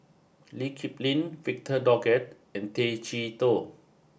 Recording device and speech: boundary microphone (BM630), read sentence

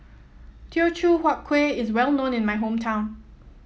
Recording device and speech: mobile phone (iPhone 7), read sentence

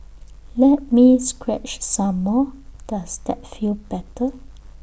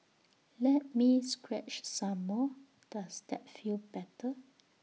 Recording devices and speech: boundary microphone (BM630), mobile phone (iPhone 6), read sentence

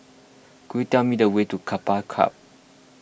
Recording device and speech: boundary microphone (BM630), read sentence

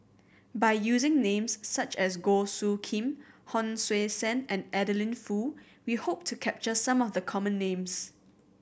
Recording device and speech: boundary microphone (BM630), read sentence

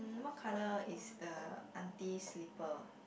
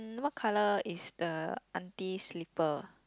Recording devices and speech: boundary microphone, close-talking microphone, conversation in the same room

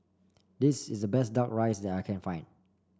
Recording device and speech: standing microphone (AKG C214), read sentence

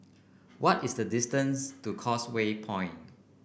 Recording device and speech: boundary microphone (BM630), read sentence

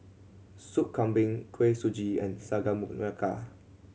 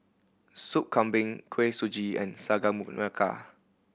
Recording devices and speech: mobile phone (Samsung C7100), boundary microphone (BM630), read sentence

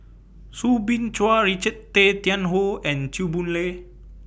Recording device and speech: boundary microphone (BM630), read sentence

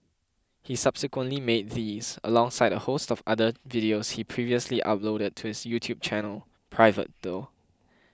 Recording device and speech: close-talking microphone (WH20), read sentence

